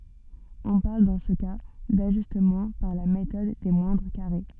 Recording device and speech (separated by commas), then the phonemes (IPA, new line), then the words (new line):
soft in-ear microphone, read sentence
ɔ̃ paʁl dɑ̃ sə ka daʒystmɑ̃ paʁ la metɔd de mwɛ̃dʁ kaʁe
On parle dans ce cas d’ajustement par la méthode des moindres carrés.